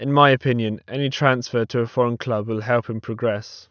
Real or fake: real